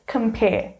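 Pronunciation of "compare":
'Compare' is pronounced correctly here.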